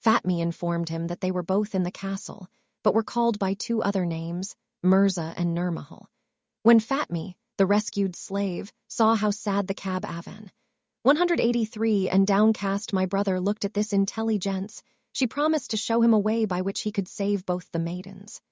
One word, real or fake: fake